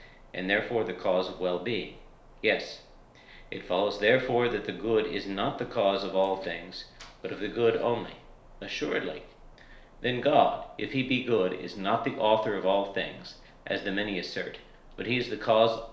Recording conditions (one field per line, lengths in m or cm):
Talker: one person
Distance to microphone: 1.0 m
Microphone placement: close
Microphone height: 1.1 m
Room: small (3.7 m by 2.7 m)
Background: none